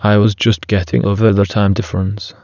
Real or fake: fake